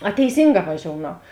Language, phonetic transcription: Lithuanian, a teiˈsynˌgā vaˈžiounau

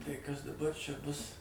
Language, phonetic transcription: Lithuanian, tai ˈkas daˈbar ˈčia ˈbus

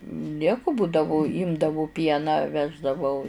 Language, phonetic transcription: Lithuanian, ˈnieku ˈbūdavu ˈimdavu ˈpieną ˈveždavau

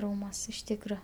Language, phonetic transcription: Lithuanian, ˈrūmuos' iš ˈtykra

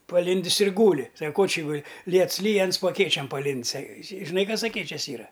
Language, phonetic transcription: Lithuanian, paˈlindis ir ˈgūli sak ko či ˈguli ˈliets ˈlyj ˈans po aˈkėčiam paˈlind's' a a žiˈnai ˈkas aˈkėčias ˈyra

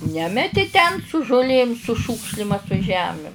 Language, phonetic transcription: Lithuanian, ˈnemeti ten su žuˈlėm su ˈšūkšlim a su ˈžemim

